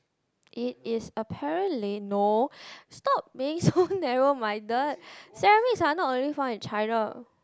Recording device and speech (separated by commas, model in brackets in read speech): close-talking microphone, conversation in the same room